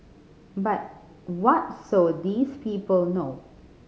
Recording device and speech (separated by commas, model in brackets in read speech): mobile phone (Samsung C5010), read sentence